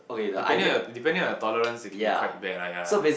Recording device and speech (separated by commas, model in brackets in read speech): boundary microphone, conversation in the same room